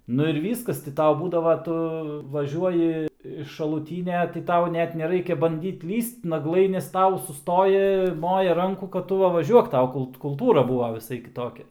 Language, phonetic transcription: Lithuanian, ˈnu ir ˈvyskas ti ˈtau ˈbūdava ˈtu vaˈžiuoji iš šalūˈtynia ti ˈtau ˈnet neˈraikia banˈdyt ˈlįst naˈglai nes ˈtau suˈstoji ˈmoja ˈrankų kad ˈtu ˈva vaˈžiuok ˈtau ˈkult kulˈtūra ˈbūva viˈsai kiˈtokia

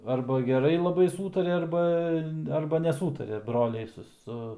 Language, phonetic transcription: Lithuanian, arba geˈrai laˈbai ˈsūtaria ˈarba ˈarba neˈsūtaria ˈbroliai su ˈsu

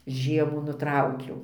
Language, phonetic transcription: Lithuanian, ˈžiemų nuˈtraukiau

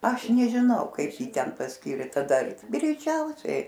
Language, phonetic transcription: Lithuanian, ˈaš nežiˈnau ˈkaip ˈjį ten pasˈkyrė taˈda greiˈčiausiai

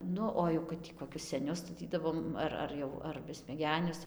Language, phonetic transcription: Lithuanian, ˈnu o jau kad ˈtį koˈkius seˈnius staˈtydavom ˈar ar ˈjau ar besmeˈgenius

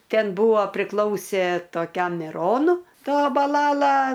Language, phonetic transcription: Lithuanian, ˈten ˈbūvo priˈklausė toˈkiam miˈronu ˈta baˈlala

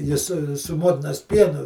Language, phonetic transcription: Lithuanian, ˈji su su ˈmotinas ˈpienu

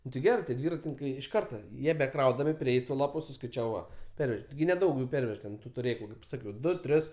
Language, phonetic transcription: Lithuanian, nu ti ˈgerɜ tie ˈdvyratininkai iš ˈkarta ˈjie beˈkraudami ˈprėjai su ˈlapu suskaiˈčiavai ˈva ˈperveže tiˈgi neˈdaug ju ˈpervež ten tu tuˈrėklu kaip ˈsakiau ˈdu ˈtris

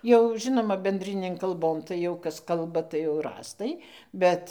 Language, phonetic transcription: Lithuanian, jau ˈžinoma benˈ drinėn kalˈbon tai jau ˈkas ˈkalba tai jau rąstai ˈbet

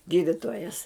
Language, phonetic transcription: Lithuanian, ˈgyditojas

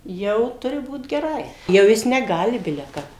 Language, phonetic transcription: Lithuanian, ˈjau ˈturi ˈbūt geˈrai jau ˈjis neˈgali ˈbile ˈkap

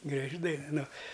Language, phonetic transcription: Lithuanian, graˈži dain ˈnu

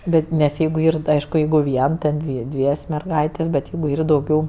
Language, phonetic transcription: Lithuanian, ˈbet nes ˈjeigu ˈyr tai ˈaišku ˈjeigu ˈvien ˈten dvi ˈdvies' merˈgaitės' bet ˈjeigu ˈyr dauˈgiau

